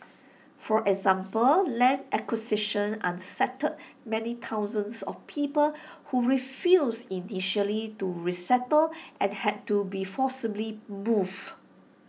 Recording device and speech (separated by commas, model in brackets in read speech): mobile phone (iPhone 6), read sentence